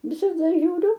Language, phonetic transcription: Lithuanian, visaˈda žiūˈriu

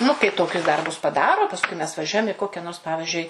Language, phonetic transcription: Lithuanian, nu kai ˈtokius ˈdarbus paˈdaro paˈskui mes vaˈžiuojam i ˈkokia nors ˈpavižiui

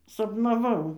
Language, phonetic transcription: Lithuanian, sapnaˈvau

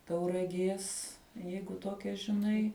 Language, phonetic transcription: Lithuanian, tauraˈgės ˈjeigu ˈtokia žiˈnai

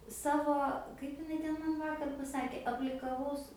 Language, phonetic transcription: Lithuanian, ˈsavo ˈkaip iˈnai ˈten ˈman ˈvakar paˈsakė aplikaˈvaus

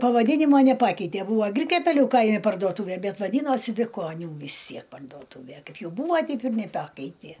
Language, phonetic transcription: Lithuanian, pavaˈdynimo neˈpakeitė ˈbūvo ˈgrikiapeliu ˈkaimi parduoˈtūvė ˈbet vaˈdynosi viˈkonių vis ˈtsiek pardoˈtūve ˈkaip ˈjau ˈbūva ˈteip ir neˈpakeitė

